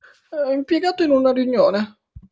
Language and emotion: Italian, sad